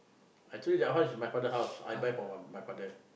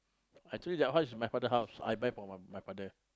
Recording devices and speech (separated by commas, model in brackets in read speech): boundary microphone, close-talking microphone, conversation in the same room